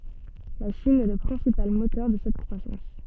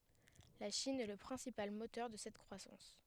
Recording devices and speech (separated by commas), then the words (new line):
soft in-ear microphone, headset microphone, read sentence
La Chine est le principal moteur de cette croissance.